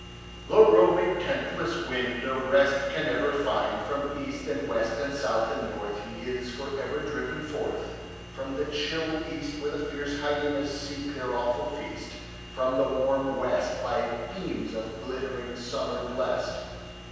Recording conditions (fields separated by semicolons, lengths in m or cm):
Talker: one person; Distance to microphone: 7.1 m; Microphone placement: far; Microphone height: 1.7 m; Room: very reverberant, large; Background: none